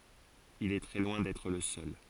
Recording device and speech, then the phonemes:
forehead accelerometer, read sentence
il ɛ tʁɛ lwɛ̃ dɛtʁ lə sœl

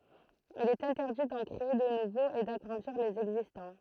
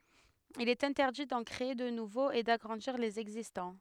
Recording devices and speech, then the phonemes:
throat microphone, headset microphone, read sentence
il ɛt ɛ̃tɛʁdi dɑ̃ kʁee də nuvoz e daɡʁɑ̃diʁ lez ɛɡzistɑ̃

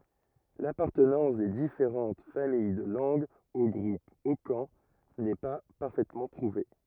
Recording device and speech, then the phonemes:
rigid in-ear microphone, read sentence
lapaʁtənɑ̃s de difeʁɑ̃t famij də lɑ̃ɡz o ɡʁup okɑ̃ nɛ pa paʁfɛtmɑ̃ pʁuve

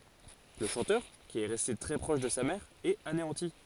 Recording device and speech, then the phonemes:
forehead accelerometer, read sentence
lə ʃɑ̃tœʁ ki ɛ ʁɛste tʁɛ pʁɔʃ də sa mɛʁ ɛt aneɑ̃ti

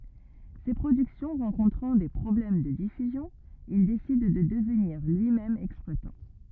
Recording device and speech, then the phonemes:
rigid in-ear microphone, read sentence
se pʁodyksjɔ̃ ʁɑ̃kɔ̃tʁɑ̃ de pʁɔblɛm də difyzjɔ̃ il desid də dəvniʁ lyimɛm ɛksplwatɑ̃

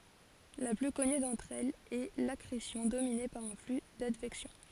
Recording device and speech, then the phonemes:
forehead accelerometer, read sentence
la ply kɔny dɑ̃tʁ ɛlz ɛ lakʁesjɔ̃ domine paʁ œ̃ fly dadvɛksjɔ̃

